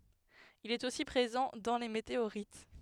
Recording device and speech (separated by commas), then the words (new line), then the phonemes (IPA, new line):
headset microphone, read sentence
Il est aussi présent dans les météorites.
il ɛt osi pʁezɑ̃ dɑ̃ le meteoʁit